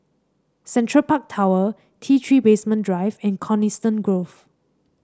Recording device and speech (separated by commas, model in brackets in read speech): standing microphone (AKG C214), read sentence